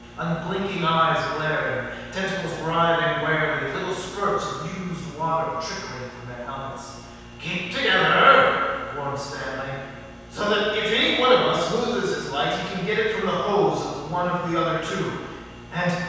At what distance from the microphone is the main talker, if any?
7.1 m.